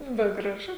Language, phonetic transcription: Lithuanian, bet graˈžu

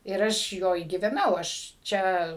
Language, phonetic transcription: Lithuanian, ir ˈaš ˈjoj gyveˈnau aš ˈčia

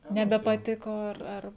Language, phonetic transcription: Lithuanian, nebepaˈtiko ˈar ˈar

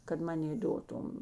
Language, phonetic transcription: Lithuanian, kad ˈmanė ˈdotum

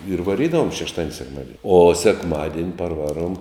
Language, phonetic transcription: Lithuanian, ir vaˈrydavom šešˈtadin' sekˈmadin' o sekˈmadien' parˈvaˌruom

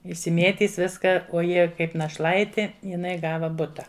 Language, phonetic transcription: Lithuanian, išsiˈmėtys ˈviska o ˈjie ˈkaip našˈlaiti jiˈnai ˈgava ˈbuta

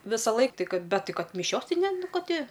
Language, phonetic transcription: Lithuanian, visaˈlaik ˈtai ˈkad ˈbet ˈtai ˈkad miˈšiosˈtai ˈne ˈnu ˈka ˈti

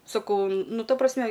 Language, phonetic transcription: Lithuanian, saˈkau ˈnu ˈta prasˈme

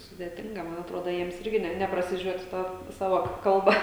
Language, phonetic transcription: Lithuanian, sudėˈtinga ˈman atˈrodo ˈjiems ˈirgi ˈne neprasiˈžiuot' ˈta ˈsava ˈkalba

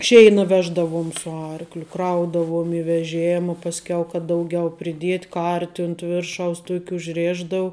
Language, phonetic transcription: Lithuanian, ˈšeina ˈveždavuom su ˈarkliu ˈkraudavuom i veˈžėma pasˈkiau kad ˈdauˌgiau priˈdiet' ˈkarti unt ˈviršaus ˈtuok' užˈrėšdau

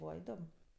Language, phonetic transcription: Lithuanian, ˈbūva iˈdom

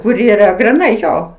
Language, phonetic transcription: Lithuanian, kur yˈra griˈnai ˈjo

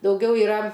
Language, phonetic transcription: Lithuanian, dauˈgiau iˈra

